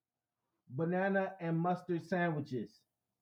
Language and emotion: English, neutral